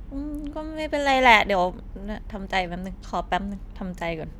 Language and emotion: Thai, frustrated